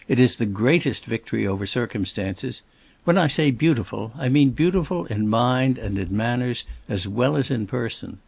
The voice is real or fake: real